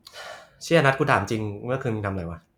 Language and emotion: Thai, neutral